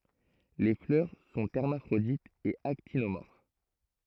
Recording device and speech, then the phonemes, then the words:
throat microphone, read sentence
le flœʁ sɔ̃ ɛʁmafʁoditz e aktinomɔʁf
Les fleurs sont hermaphrodites et actinomorphes.

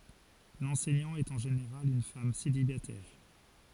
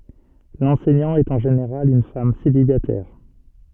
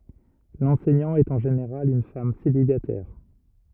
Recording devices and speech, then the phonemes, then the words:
forehead accelerometer, soft in-ear microphone, rigid in-ear microphone, read sentence
lɑ̃sɛɲɑ̃ ɛt ɑ̃ ʒeneʁal yn fam selibatɛʁ
L'enseignant est en général une femme célibataire.

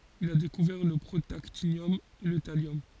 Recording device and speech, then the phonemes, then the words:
forehead accelerometer, read sentence
il a dekuvɛʁ lə pʁotaktinjɔm e lə taljɔm
Il a découvert le protactinium et le thallium.

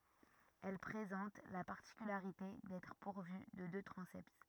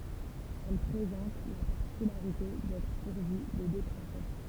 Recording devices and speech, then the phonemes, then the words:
rigid in-ear microphone, temple vibration pickup, read sentence
ɛl pʁezɑ̃t la paʁtikylaʁite dɛtʁ puʁvy də dø tʁɑ̃sɛt
Elle présente la particularité d'être pourvue de deux transepts.

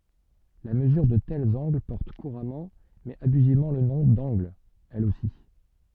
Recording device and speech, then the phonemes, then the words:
soft in-ear microphone, read sentence
la məzyʁ də tɛlz ɑ̃ɡl pɔʁt kuʁamɑ̃ mɛz abyzivmɑ̃ lə nɔ̃ dɑ̃ɡl ɛl osi
La mesure de tels angles porte couramment mais abusivement le nom d'angle, elle aussi.

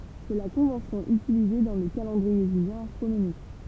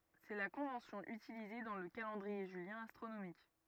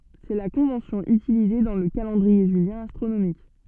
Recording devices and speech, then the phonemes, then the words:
temple vibration pickup, rigid in-ear microphone, soft in-ear microphone, read sentence
sɛ la kɔ̃vɑ̃sjɔ̃ ytilize dɑ̃ lə kalɑ̃dʁie ʒyljɛ̃ astʁonomik
C'est la convention utilisée dans le calendrier julien astronomique.

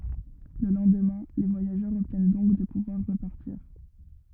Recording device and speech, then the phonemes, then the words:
rigid in-ear microphone, read sentence
lə lɑ̃dmɛ̃ le vwajaʒœʁz ɔbtjɛn dɔ̃k də puvwaʁ ʁəpaʁtiʁ
Le lendemain, les voyageurs obtiennent donc de pouvoir repartir.

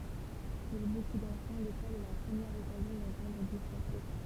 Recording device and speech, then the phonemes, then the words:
temple vibration pickup, read sentence
puʁ boku dɑ̃fɑ̃ lekɔl ɛ la pʁəmjɛʁ ɔkazjɔ̃ dɑ̃tɑ̃dʁ dy fʁɑ̃sɛ
Pour beaucoup d'enfants, l'école est la première occasion d'entendre du français.

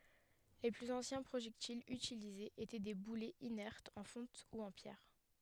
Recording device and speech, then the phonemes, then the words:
headset microphone, read sentence
le plyz ɑ̃sjɛ̃ pʁoʒɛktilz ytilizez etɛ de bulɛz inɛʁtz ɑ̃ fɔ̃t u ɑ̃ pjɛʁ
Les plus anciens projectiles utilisés étaient des boulets inertes en fonte ou en pierre.

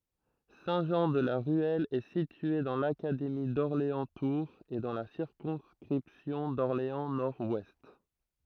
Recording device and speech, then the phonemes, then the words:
throat microphone, read sentence
sɛ̃tʒɑ̃dlaʁyɛl ɛ sitye dɑ̃ lakademi dɔʁleɑ̃stuʁz e dɑ̃ la siʁkɔ̃skʁipsjɔ̃ dɔʁleɑ̃snɔʁdwɛst
Saint-Jean-de-la-Ruelle est situé dans l'académie d'Orléans-Tours et dans la circonscription d'Orléans-Nord-Ouest.

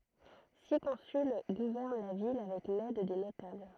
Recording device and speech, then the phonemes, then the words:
throat microphone, read sentence
si kɔ̃syl ɡuvɛʁn la vil avɛk lɛd de notabl
Six consuls gouvernent la ville avec l'aide des notables.

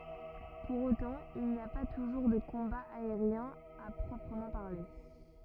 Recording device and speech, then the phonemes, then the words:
rigid in-ear microphone, read sentence
puʁ otɑ̃ il ni a pa tuʒuʁ də kɔ̃baz aeʁjɛ̃z a pʁɔpʁəmɑ̃ paʁle
Pour autant, il n'y a pas toujours de combats aériens à proprement parler.

